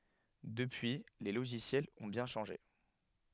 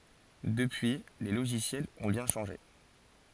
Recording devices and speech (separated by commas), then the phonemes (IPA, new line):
headset microphone, forehead accelerometer, read sentence
dəpyi le loʒisjɛlz ɔ̃ bjɛ̃ ʃɑ̃ʒe